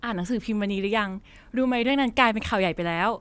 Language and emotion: Thai, happy